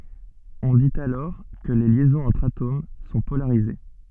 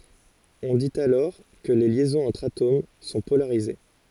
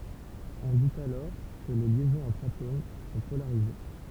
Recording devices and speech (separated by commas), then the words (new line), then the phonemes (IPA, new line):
soft in-ear microphone, forehead accelerometer, temple vibration pickup, read sentence
On dit alors que les liaisons entre atomes sont polarisées.
ɔ̃ dit alɔʁ kə le ljɛzɔ̃z ɑ̃tʁ atom sɔ̃ polaʁize